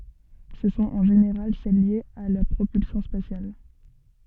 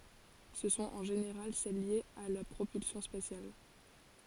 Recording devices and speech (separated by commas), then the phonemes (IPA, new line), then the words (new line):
soft in-ear microphone, forehead accelerometer, read sentence
sə sɔ̃t ɑ̃ ʒeneʁal sɛl ljez a la pʁopylsjɔ̃ spasjal
Ce sont en général celles liées à la propulsion spatiale.